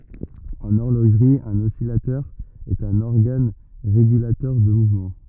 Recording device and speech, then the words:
rigid in-ear microphone, read sentence
En horlogerie, un oscillateur est un organe régulateur de mouvement.

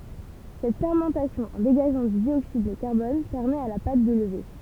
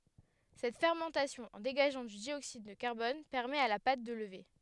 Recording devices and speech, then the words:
temple vibration pickup, headset microphone, read sentence
Cette fermentation, en dégageant du dioxyde de carbone, permet à la pâte de lever.

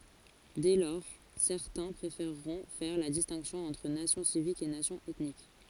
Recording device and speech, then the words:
forehead accelerometer, read sentence
Dès lors, certains préféreront faire la distinction entre nation civique et nation ethnique.

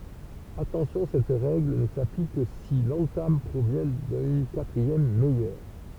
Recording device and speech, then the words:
temple vibration pickup, read sentence
Attention cette règle ne s'applique que si l'entame provient d'une quatrième meilleure.

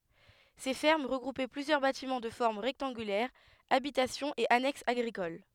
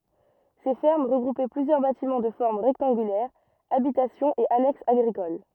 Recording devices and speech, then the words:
headset microphone, rigid in-ear microphone, read sentence
Ces fermes regroupaient plusieurs bâtiments de forme rectangulaire, habitations et annexes agricoles.

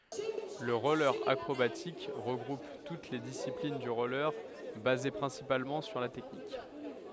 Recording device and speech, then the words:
headset microphone, read sentence
Le roller acrobatique regroupe toutes les disciplines du roller basées principalement sur la technique.

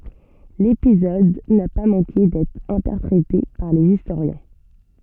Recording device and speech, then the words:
soft in-ear microphone, read sentence
L'épisode n'a pas manqué d'être interprété par les historiens.

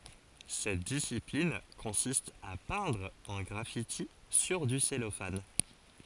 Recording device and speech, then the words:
forehead accelerometer, read sentence
Cette discipline consiste à peindre un graffiti sur du cellophane.

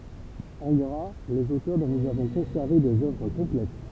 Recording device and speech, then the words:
temple vibration pickup, read sentence
En gras, les auteurs dont nous avons conservé des œuvres complètes.

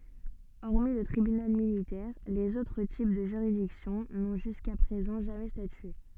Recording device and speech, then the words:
soft in-ear microphone, read sentence
Hormis le Tribunal Militaire, les autres types de juridiction n'ont jusqu'à présent jamais statué.

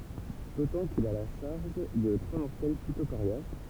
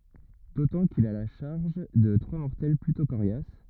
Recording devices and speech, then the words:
temple vibration pickup, rigid in-ear microphone, read sentence
D'autant qu'il a la charge de trois mortels plutôt coriaces.

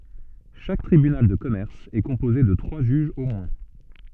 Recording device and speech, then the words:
soft in-ear microphone, read sentence
Chaque tribunal de commerce est composé de trois juges au moins.

